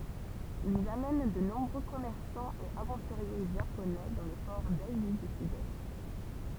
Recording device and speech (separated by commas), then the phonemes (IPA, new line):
temple vibration pickup, read sentence
ilz amɛn də nɔ̃bʁø kɔmɛʁsɑ̃z e avɑ̃tyʁje ʒaponɛ dɑ̃ le pɔʁ dazi dy sydɛst